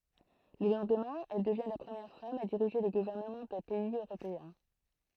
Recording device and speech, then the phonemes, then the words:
throat microphone, read sentence
lə lɑ̃dmɛ̃ ɛl dəvjɛ̃ la pʁəmjɛʁ fam a diʁiʒe lə ɡuvɛʁnəmɑ̃ dœ̃ pɛiz øʁopeɛ̃
Le lendemain, elle devient la première femme à diriger le gouvernement d'un pays européen.

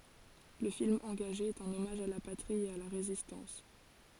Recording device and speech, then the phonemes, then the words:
forehead accelerometer, read sentence
lə film ɑ̃ɡaʒe ɛt œ̃n ɔmaʒ a la patʁi e a la ʁezistɑ̃s
Le film engagé est un hommage à la patrie et à la Résistance.

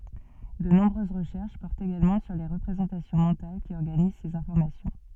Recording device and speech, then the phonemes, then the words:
soft in-ear microphone, read sentence
də nɔ̃bʁøz ʁəʃɛʁʃ pɔʁtt eɡalmɑ̃ syʁ le ʁəpʁezɑ̃tasjɔ̃ mɑ̃tal ki ɔʁɡaniz sez ɛ̃fɔʁmasjɔ̃
De nombreuses recherches portent également sur les représentations mentales qui organisent ces informations.

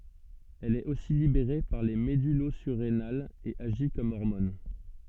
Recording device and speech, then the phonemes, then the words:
soft in-ear microphone, read sentence
ɛl ɛt osi libeʁe paʁ le medylozyʁenalz e aʒi kɔm ɔʁmɔn
Elle est aussi libérée par les médullosurrénales et agit comme hormone.

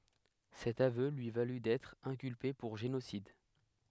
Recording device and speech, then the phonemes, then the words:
headset microphone, read sentence
sɛt avø lyi valy dɛtʁ ɛ̃kylpe puʁ ʒenosid
Cet aveu lui valut d'être inculpé pour génocide.

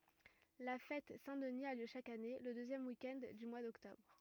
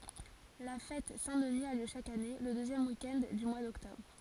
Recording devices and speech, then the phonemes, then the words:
rigid in-ear microphone, forehead accelerometer, read sentence
la fɛt sɛ̃ dəni a ljø ʃak ane lə døzjɛm wik ɛnd dy mwa dɔktɔbʁ
La fête Saint-Denis a lieu chaque année, le deuxième week-end du mois d'octobre.

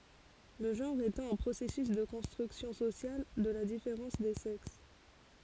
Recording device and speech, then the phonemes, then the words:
forehead accelerometer, read sentence
lə ʒɑ̃ʁ etɑ̃ œ̃ pʁosɛsys də kɔ̃stʁyksjɔ̃ sosjal də la difeʁɑ̃s de sɛks
Le genre étant un processus de construction sociale de la différence des sexes.

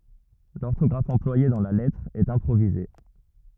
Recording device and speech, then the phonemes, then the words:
rigid in-ear microphone, read sentence
lɔʁtɔɡʁaf ɑ̃plwaje dɑ̃ la lɛtʁ ɛt ɛ̃pʁovize
L'orthographe employée dans la lettre est improvisée.

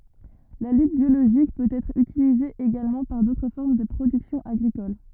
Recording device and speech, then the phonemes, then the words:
rigid in-ear microphone, read sentence
la lyt bjoloʒik pøt ɛtʁ ytilize eɡalmɑ̃ paʁ dotʁ fɔʁm də pʁodyksjɔ̃ aɡʁikol
La lutte biologique peut être utilisée également par d'autres formes de production agricoles.

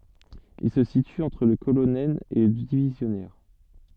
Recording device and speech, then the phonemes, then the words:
soft in-ear microphone, read sentence
il sə sity ɑ̃tʁ lə kolonɛl e lə divizjɔnɛʁ
Il se situe entre le colonel et le divisionnaire.

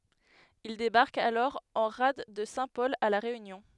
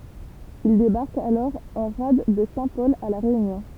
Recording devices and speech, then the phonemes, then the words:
headset microphone, temple vibration pickup, read sentence
il debaʁkt alɔʁ ɑ̃ ʁad də sɛ̃tpɔl a la ʁeynjɔ̃
Ils débarquent alors en rade de Saint-Paul à La Réunion.

